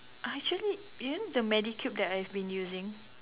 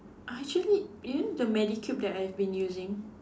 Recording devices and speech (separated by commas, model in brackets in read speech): telephone, standing microphone, conversation in separate rooms